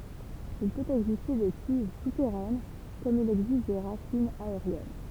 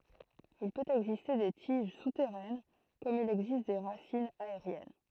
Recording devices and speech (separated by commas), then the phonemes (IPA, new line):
temple vibration pickup, throat microphone, read sentence
il pøt ɛɡziste de tiʒ sutɛʁɛn kɔm il ɛɡzist de ʁasinz aeʁjɛn